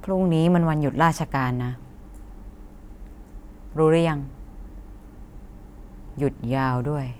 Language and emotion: Thai, frustrated